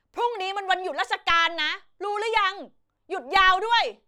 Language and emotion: Thai, angry